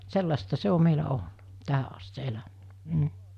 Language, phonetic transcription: Finnish, 'sellasta 'se o meilä 'olna , 'tähä ast se 'eläm(ine) , m̥ .
- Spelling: sellaista se on meillä ollut tähän asti se eläminen mm

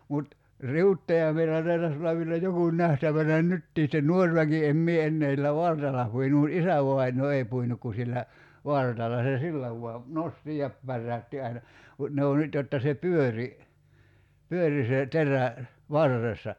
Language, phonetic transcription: Finnish, 'mut , "riuttoja meillä 'taitas ollav vielä 'joku 'ǹähtävänä "nyttii sⁱtten "nuor väki 'em mie 'ennee (s)illä "vartalla puinu mut '’isäv̀ainoo "ei puinuk ku 'sillä , "vartalla se "sillä vua , 'nosti ja , 'pärräytti aina , mut ne o 'nyt jotta se "pyöri , 'pyöri se "terä , "varressa .
- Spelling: mutta riuttoja meillä taitaisi olla vielä joku nähtävänä nytkin sitten nuori väki en minä enää sillä vartalla puinut mutta isävainaa ei puinut kuin sillä vartalla se sillä vain nosti ja päräytti aina mutta ne on nyt jotta se pyöri pyöri se terä varressa

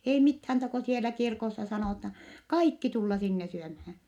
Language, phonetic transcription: Finnish, ei mithään -ta ko sielä kirkossa sanòta , kaikki tulla sinne syömhää .
- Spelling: ei mitään - kun siellä kirkossa sanotaan kaikki tulla sinne syömään

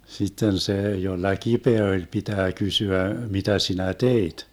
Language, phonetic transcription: Finnish, 'sitten 'see jolla "kipeä oĺ 'pitää 'kysyä » 'mitä sinä "teit ? »
- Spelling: sitten se jolla kipeä oli pitää kysyä mitä sinä teit

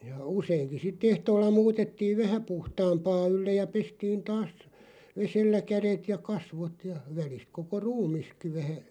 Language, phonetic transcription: Finnish, ja 'useiŋki sit'ᵗ ‿ehtoolla 'muutettiiv "vähä 'puhtaampaa 'ylleʲ ja 'pestiin "taas , 'vesellä 'käðet ja "kasvot , ja 'välist 'koko "ruumiski vähä ,.
- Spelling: ja useinkin sitä ehtoolla muutettiin vähän puhtaampaa ylle ja pestiin taas vedellä kädet ja kasvot ja välistä koko ruumiskin vähän

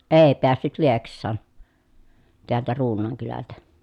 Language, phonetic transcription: Finnish, èi̮ peässyt Lieks̆saan , teältä Ruun̆naaŋ kylältä .
- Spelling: ei päässyt Lieksaan täältä Ruunaan kylältä

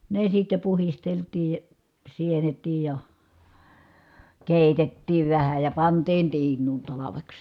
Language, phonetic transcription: Finnish, ne sitte puhisteltii , sienet̀iij ja , kèitettiiv vähä ja pantiin tiiǹuun talaveks .
- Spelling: ne sitten puhdisteltiin sienetkin ja keitettiin vähän ja pantiin tiinuun talveksi

